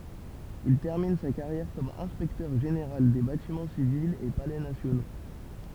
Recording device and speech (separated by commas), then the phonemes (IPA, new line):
temple vibration pickup, read sentence
il tɛʁmin sa kaʁjɛʁ kɔm ɛ̃spɛktœʁ ʒeneʁal de batimɑ̃ sivilz e palɛ nasjono